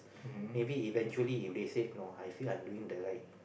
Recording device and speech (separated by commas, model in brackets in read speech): boundary microphone, conversation in the same room